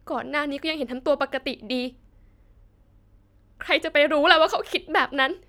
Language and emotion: Thai, sad